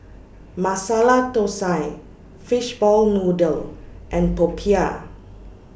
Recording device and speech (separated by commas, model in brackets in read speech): boundary microphone (BM630), read sentence